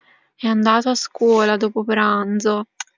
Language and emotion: Italian, sad